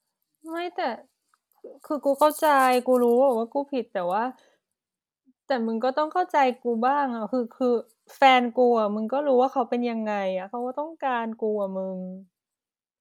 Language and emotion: Thai, sad